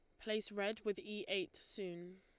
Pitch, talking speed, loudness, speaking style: 200 Hz, 180 wpm, -43 LUFS, Lombard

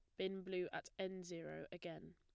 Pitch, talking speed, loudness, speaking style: 185 Hz, 185 wpm, -48 LUFS, plain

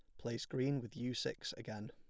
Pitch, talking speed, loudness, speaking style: 125 Hz, 210 wpm, -42 LUFS, plain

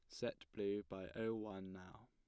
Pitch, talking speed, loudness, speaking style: 100 Hz, 190 wpm, -46 LUFS, plain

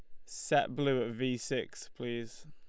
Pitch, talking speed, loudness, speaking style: 125 Hz, 165 wpm, -34 LUFS, Lombard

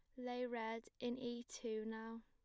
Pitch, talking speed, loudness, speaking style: 235 Hz, 175 wpm, -46 LUFS, plain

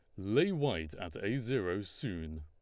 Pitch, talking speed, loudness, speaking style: 100 Hz, 160 wpm, -35 LUFS, Lombard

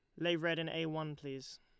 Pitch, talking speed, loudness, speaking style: 160 Hz, 255 wpm, -38 LUFS, Lombard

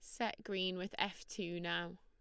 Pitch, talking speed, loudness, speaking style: 185 Hz, 200 wpm, -41 LUFS, Lombard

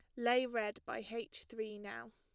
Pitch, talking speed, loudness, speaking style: 220 Hz, 185 wpm, -40 LUFS, plain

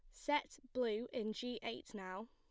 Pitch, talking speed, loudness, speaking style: 235 Hz, 170 wpm, -42 LUFS, plain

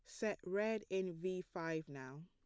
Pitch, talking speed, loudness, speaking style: 185 Hz, 175 wpm, -42 LUFS, plain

